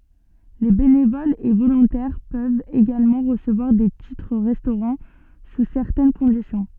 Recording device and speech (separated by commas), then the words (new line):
soft in-ear microphone, read sentence
Les bénévoles et volontaires peuvent également recevoir des titres-restaurant sous certaines conditions.